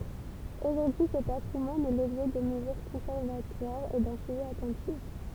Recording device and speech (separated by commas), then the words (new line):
temple vibration pickup, read sentence
Aujourd'hui, ce patrimoine est l'objet de mesures conservatoires et d'un suivi attentif.